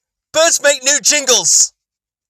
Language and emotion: English, fearful